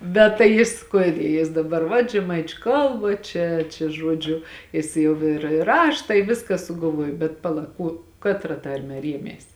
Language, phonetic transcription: Lithuanian, bet tai ˈjis ˈkuode jis daˈbar vat žeˈmaičiu ˈkalba ˈčia čia ˈžuodžiu ˈjis jau ir ir ˈrašta i ˈviska sugalˈvuojo bet paˈla ˈkuo ˈkatra ˈtarme ˈriemės

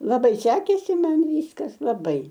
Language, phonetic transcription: Lithuanian, laˈbai ˈsekėsi ˈman ˈvyskas laˈbai

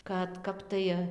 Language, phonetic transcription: Lithuanian, kad ˈkap tai

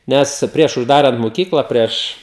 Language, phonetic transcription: Lithuanian, ˈnes ˈprieš užˈdarant moˈkyklą ˈprieš

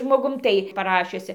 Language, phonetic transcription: Lithuanian, žmoˈgum ˈtai paˈrašiusi

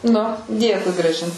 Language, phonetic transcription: Lithuanian, nu ˈdėkui graˈžin

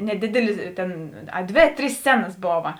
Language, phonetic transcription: Lithuanian, neˈdidelis ˈtėn aˈdvė ˈtrys ˈscenas ˈbova

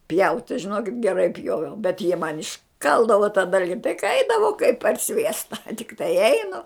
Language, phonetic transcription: Lithuanian, pjaut' tai žiˈnokit geˈrai ˈpjoviau bet jie man išˈkaldavo ta ˈdalgi tai ka ˈaidavau kaip par ˈsviesta tikˈtai ˈeinu

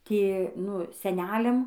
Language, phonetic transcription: Lithuanian, ˈtie ˈnu seˈneliam

